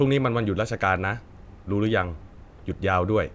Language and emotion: Thai, frustrated